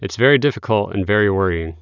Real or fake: real